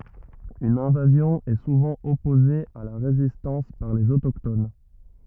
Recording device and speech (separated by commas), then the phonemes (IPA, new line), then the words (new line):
rigid in-ear microphone, read sentence
yn ɛ̃vazjɔ̃ ɛ suvɑ̃ ɔpoze a la ʁezistɑ̃s paʁ lez otokton
Une invasion est souvent opposée à la résistance par les autochtones.